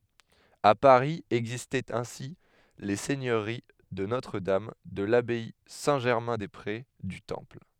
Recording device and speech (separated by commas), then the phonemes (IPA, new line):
headset microphone, read sentence
a paʁi ɛɡzistɛt ɛ̃si le sɛɲøʁi də notʁədam də labaj sɛ̃tʒɛʁmɛ̃dɛspʁe dy tɑ̃pl